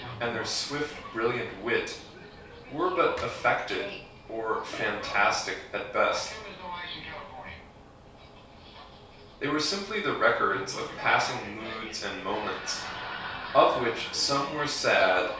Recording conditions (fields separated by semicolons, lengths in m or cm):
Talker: one person; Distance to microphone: 3.0 m; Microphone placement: far; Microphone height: 1.8 m; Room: small (3.7 m by 2.7 m); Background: television